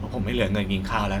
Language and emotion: Thai, frustrated